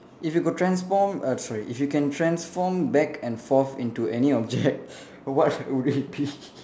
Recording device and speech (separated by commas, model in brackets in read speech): standing microphone, conversation in separate rooms